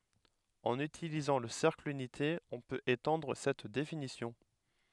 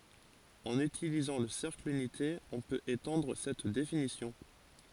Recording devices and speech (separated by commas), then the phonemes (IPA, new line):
headset microphone, forehead accelerometer, read sentence
ɑ̃n ytilizɑ̃ lə sɛʁkl ynite ɔ̃ pøt etɑ̃dʁ sɛt definisjɔ̃